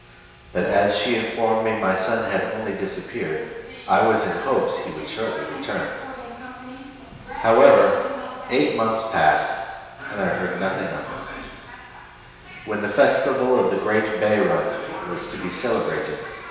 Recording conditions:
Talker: one person; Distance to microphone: 1.7 m; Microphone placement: close; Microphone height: 1.0 m; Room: very reverberant, large; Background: television

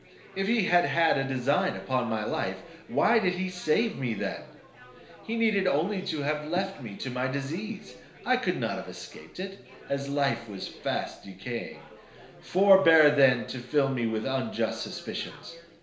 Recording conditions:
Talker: one person; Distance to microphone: 1.0 m; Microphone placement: close; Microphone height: 1.1 m; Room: small (3.7 m by 2.7 m); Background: babble

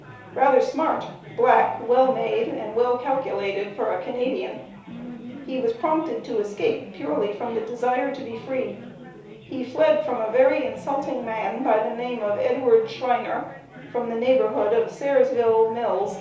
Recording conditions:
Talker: one person; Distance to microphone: 3.0 m; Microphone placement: far; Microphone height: 1.8 m; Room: small (3.7 m by 2.7 m); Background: babble

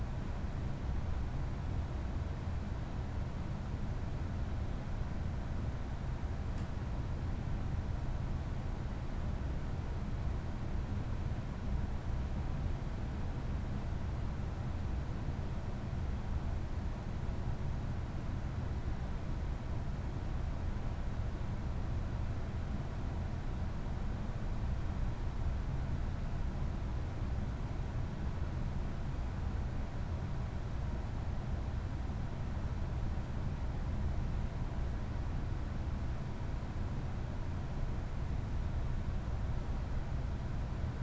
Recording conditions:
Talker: no one; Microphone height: 99 cm; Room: medium-sized (5.7 m by 4.0 m); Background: none

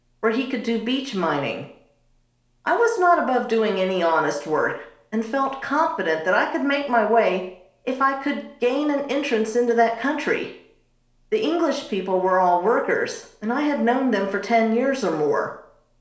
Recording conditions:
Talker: one person; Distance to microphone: 1.0 m; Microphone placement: close; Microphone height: 1.1 m; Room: small (3.7 m by 2.7 m); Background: none

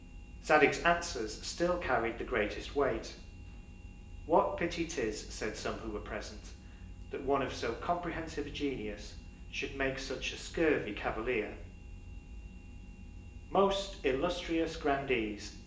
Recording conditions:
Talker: one person; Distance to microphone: 1.8 m; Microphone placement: close; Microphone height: 1.0 m; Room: large; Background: none

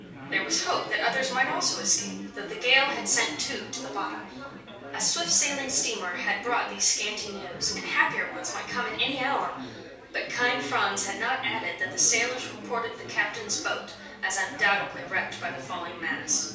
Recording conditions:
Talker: one person; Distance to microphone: 3.0 m; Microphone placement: far; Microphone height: 1.8 m; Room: small (3.7 m by 2.7 m); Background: babble

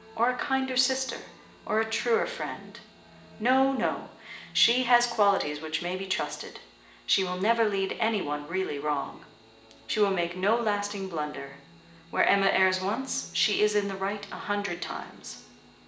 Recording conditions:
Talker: one person; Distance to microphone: 1.8 m; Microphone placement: close; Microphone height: 1.0 m; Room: large; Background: music

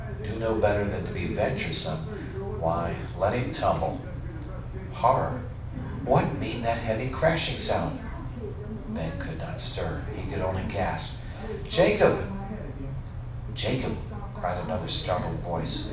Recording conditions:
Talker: one person; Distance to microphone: 5.8 m; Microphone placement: far; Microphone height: 1.8 m; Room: medium-sized (5.7 m by 4.0 m); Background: television

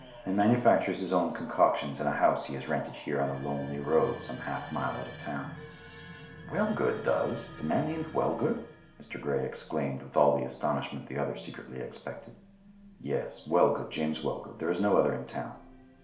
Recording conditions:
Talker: one person; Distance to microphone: 1.0 m; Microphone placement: close; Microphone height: 1.1 m; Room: small (3.7 m by 2.7 m); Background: television

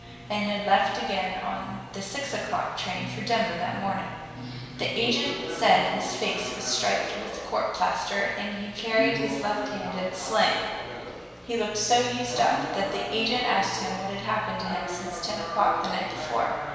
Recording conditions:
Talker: one person; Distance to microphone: 1.7 m; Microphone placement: close; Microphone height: 1.0 m; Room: very reverberant, large; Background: television

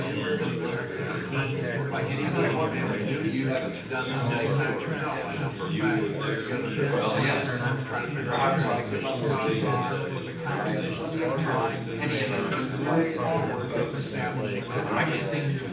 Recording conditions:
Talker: one person; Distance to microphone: 9.8 m; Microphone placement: far; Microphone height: 1.8 m; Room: large; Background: babble

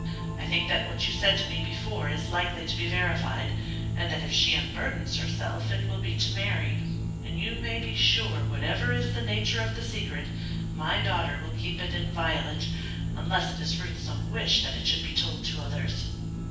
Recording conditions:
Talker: one person; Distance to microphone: 9.8 m; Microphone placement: far; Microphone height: 1.8 m; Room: large; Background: music

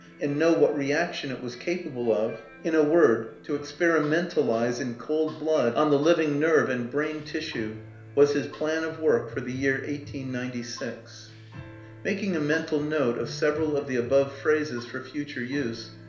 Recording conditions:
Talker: one person; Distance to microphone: 1.0 m; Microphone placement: close; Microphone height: 1.1 m; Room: small (3.7 m by 2.7 m); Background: music

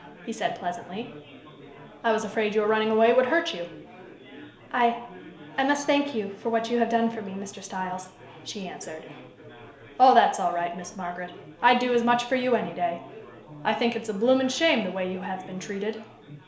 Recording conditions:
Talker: one person; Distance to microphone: 1.0 m; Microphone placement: close; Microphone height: 1.1 m; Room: small (3.7 m by 2.7 m); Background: babble

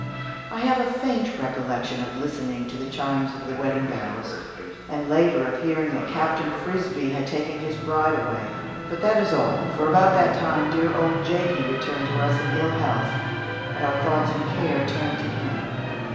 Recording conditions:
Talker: one person; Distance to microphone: 1.7 m; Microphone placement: close; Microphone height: 1.0 m; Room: very reverberant, large; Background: television

